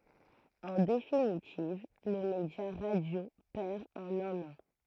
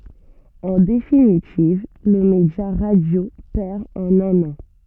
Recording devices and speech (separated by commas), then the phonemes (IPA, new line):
throat microphone, soft in-ear microphone, read sentence
ɑ̃ definitiv lə medja ʁadjo pɛʁ ɑ̃n œ̃n ɑ̃